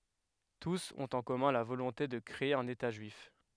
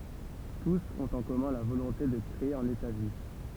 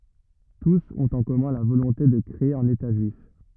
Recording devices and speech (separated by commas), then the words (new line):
headset microphone, temple vibration pickup, rigid in-ear microphone, read sentence
Tous ont en commun la volonté de créer un État juif.